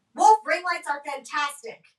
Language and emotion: English, angry